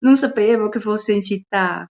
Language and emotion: Italian, surprised